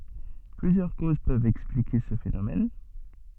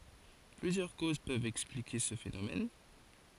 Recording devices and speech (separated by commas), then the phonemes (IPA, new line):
soft in-ear microphone, forehead accelerometer, read sentence
plyzjœʁ koz pøvt ɛksplike sə fenomɛn